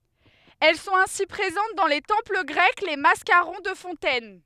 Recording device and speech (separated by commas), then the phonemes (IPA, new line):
headset microphone, read sentence
ɛl sɔ̃t ɛ̃si pʁezɑ̃t dɑ̃ le tɑ̃pl ɡʁɛk le maskaʁɔ̃ də fɔ̃tɛn